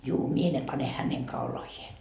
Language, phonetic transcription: Finnish, 'juu , 'mie ne 'pane häneŋ "kaulahie .
- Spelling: juu minä ne panen hänen kaulaansa

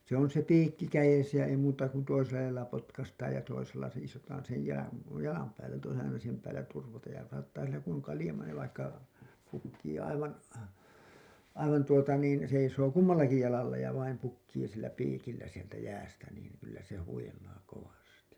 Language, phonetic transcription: Finnish, se ‿on se 'piikki 'käjesä ja ei muuta ku 'toisella jalalla 'potkastaaj ja 'toisella 'seisotaan sej jä§lan , 'jalam päällä (ja toinem aina siihem päället turvataan) ja saattaa sillä ku ‿oŋ 'kalĭjama niiv vaikka , pukkii aivan , aivan tuota niin , seisoo "kummallaki 'jalalla ja vaim 'pukkii sillä "piikillä sieltä "jäästä niin , kyllä se 'huil̀aa 'kovasti .
- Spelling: se on se piikki kädessä ja ei muuta kuin toisella jalalla potkaistaan ja toisella seisotaan sen jalan jalan päällä ja toinen aina siihen päälle turvataan ja saattaa sillä kun on kaljama niin vaikka pukkii aivan aivan tuota niin seisoo kummallakin jalalla ja vain pukkii sillä piikillä sieltä jäästä niin kyllä se huilaa kovasti

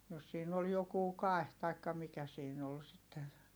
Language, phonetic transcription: Finnish, jos siin ‿ol jokuu kài̮h taikka mikä siin ‿ol sitten̬ .
- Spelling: jos siinä oli joku kaihi tai mikä siinä oli sitten

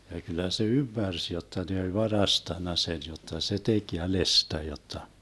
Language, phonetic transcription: Finnish, ja kyl̆lä se "ymmärs jotta ne oĺ 'varastanna sen jotta se 'tek "jälestä jotta .
- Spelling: ja kyllä se ymmärsi jotta ne oli varastanut sen jotta se teki jäljestä jotta

